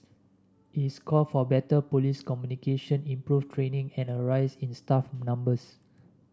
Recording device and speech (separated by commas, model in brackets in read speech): standing microphone (AKG C214), read sentence